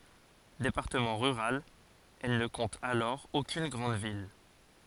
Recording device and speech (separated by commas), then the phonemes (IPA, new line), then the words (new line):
forehead accelerometer, read sentence
depaʁtəmɑ̃ ʁyʁal ɛl nə kɔ̃t alɔʁ okyn ɡʁɑ̃d vil
Département rural, elle ne compte alors aucune grande ville.